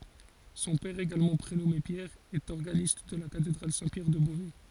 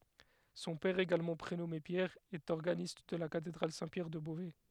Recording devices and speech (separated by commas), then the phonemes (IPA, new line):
forehead accelerometer, headset microphone, read sentence
sɔ̃ pɛʁ eɡalmɑ̃ pʁenɔme pjɛʁ ɛt ɔʁɡanist də la katedʁal sɛ̃ pjɛʁ də bovɛ